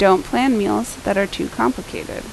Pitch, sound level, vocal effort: 200 Hz, 80 dB SPL, normal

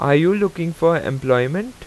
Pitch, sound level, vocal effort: 165 Hz, 88 dB SPL, loud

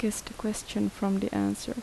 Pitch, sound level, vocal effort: 210 Hz, 75 dB SPL, soft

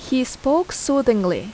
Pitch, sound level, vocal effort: 265 Hz, 82 dB SPL, loud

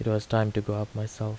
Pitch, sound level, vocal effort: 110 Hz, 77 dB SPL, soft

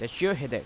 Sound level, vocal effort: 88 dB SPL, loud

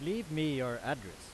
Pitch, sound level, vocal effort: 145 Hz, 94 dB SPL, very loud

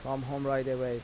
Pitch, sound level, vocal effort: 135 Hz, 85 dB SPL, normal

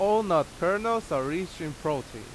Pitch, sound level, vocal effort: 170 Hz, 92 dB SPL, very loud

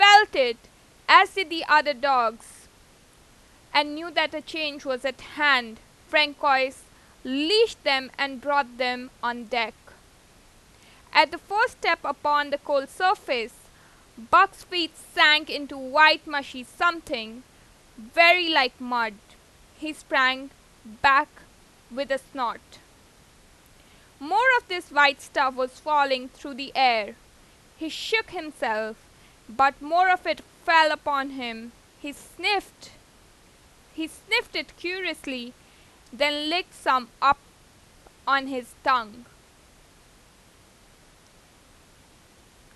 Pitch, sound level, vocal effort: 290 Hz, 95 dB SPL, very loud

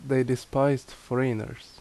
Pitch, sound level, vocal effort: 130 Hz, 80 dB SPL, very loud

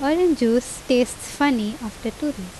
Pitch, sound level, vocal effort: 250 Hz, 82 dB SPL, normal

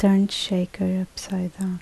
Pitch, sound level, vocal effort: 190 Hz, 70 dB SPL, soft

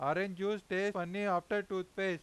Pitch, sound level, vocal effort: 190 Hz, 96 dB SPL, very loud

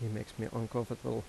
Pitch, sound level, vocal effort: 110 Hz, 81 dB SPL, soft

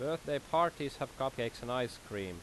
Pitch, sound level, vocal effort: 135 Hz, 90 dB SPL, loud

